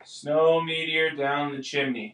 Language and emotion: English, neutral